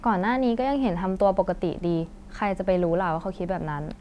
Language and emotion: Thai, frustrated